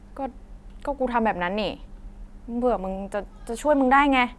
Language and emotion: Thai, sad